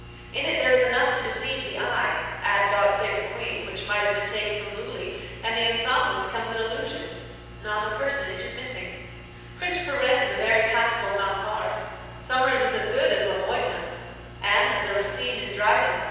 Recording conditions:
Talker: one person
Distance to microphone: 7.1 m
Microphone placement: far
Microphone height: 1.7 m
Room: very reverberant, large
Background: none

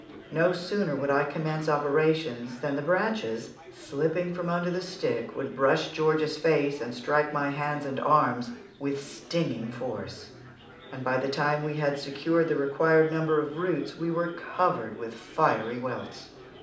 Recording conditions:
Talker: one person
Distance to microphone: 2.0 m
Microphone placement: close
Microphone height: 99 cm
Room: medium-sized (5.7 m by 4.0 m)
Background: babble

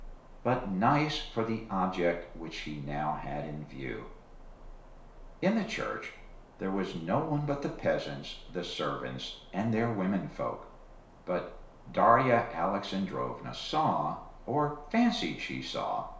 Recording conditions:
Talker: one person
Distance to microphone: 1.0 m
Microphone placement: close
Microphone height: 1.1 m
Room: small (3.7 m by 2.7 m)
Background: none

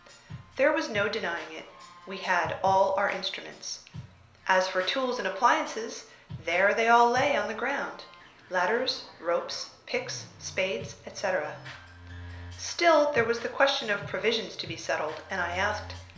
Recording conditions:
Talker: one person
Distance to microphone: 1.0 m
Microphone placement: close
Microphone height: 1.1 m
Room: small (3.7 m by 2.7 m)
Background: music

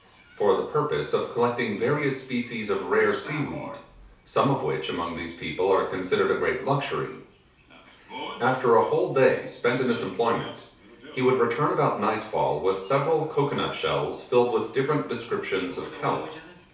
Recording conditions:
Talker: one person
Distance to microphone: 3.0 m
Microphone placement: far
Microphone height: 1.8 m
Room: small (3.7 m by 2.7 m)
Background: television

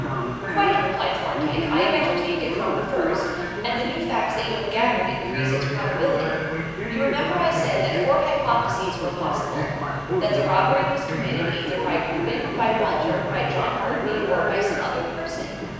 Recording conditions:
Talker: one person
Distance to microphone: 7.1 m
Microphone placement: far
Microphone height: 1.7 m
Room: very reverberant, large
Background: television

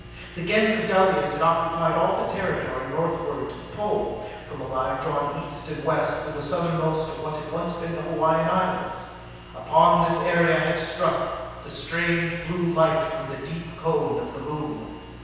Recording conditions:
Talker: one person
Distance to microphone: 7.1 m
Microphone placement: far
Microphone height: 1.7 m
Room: very reverberant, large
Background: none

